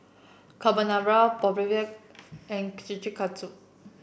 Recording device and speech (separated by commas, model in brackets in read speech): boundary microphone (BM630), read sentence